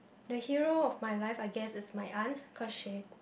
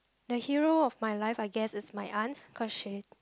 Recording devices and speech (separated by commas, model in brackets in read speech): boundary microphone, close-talking microphone, conversation in the same room